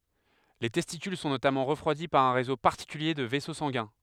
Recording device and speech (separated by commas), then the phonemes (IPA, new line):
headset microphone, read sentence
le tɛstikyl sɔ̃ notamɑ̃ ʁəfʁwadi paʁ œ̃ ʁezo paʁtikylje də vɛso sɑ̃ɡɛ̃